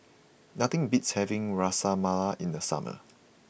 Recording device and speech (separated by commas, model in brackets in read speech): boundary microphone (BM630), read sentence